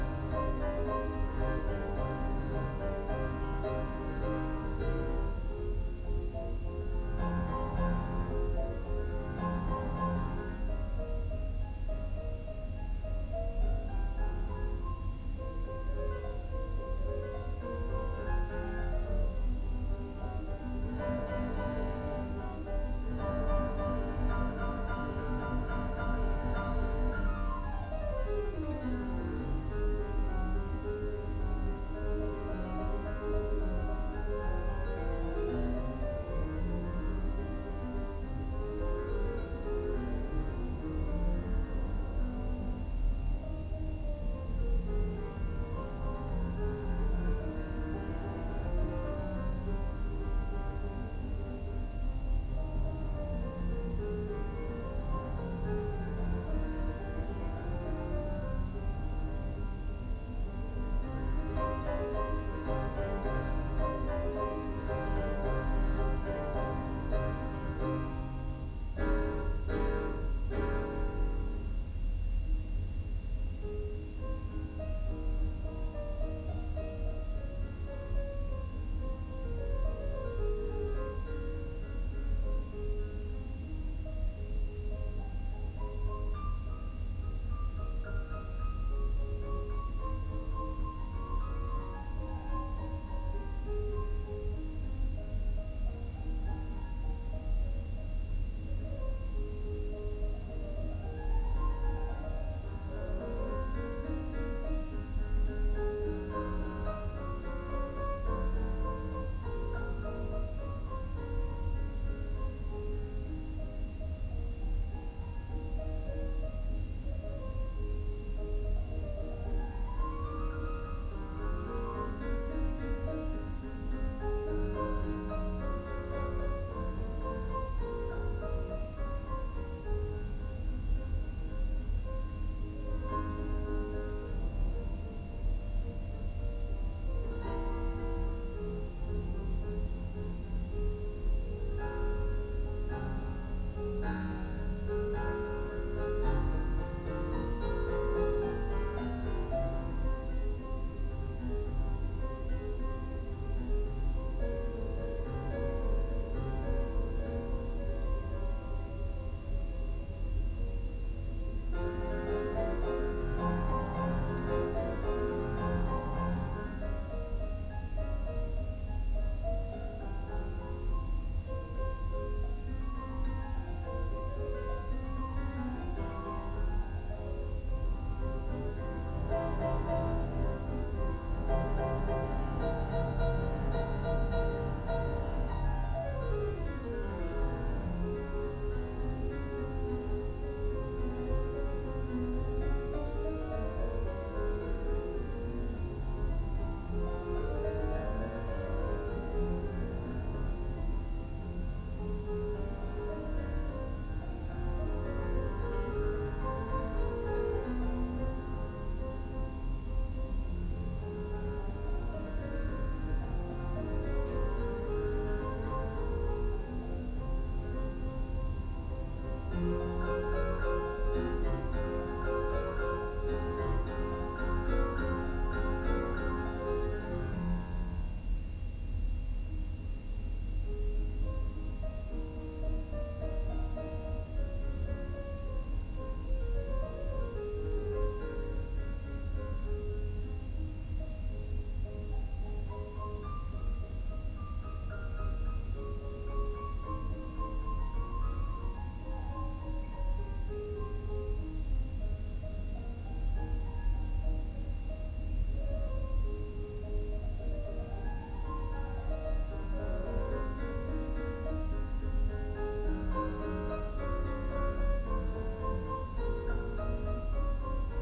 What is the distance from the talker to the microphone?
No main talker.